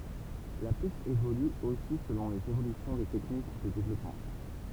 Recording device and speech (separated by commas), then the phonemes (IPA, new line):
temple vibration pickup, read sentence
la pys evoly osi səlɔ̃ lez evolysjɔ̃ de tɛknik də devlɔpmɑ̃